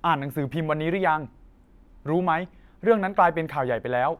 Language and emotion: Thai, frustrated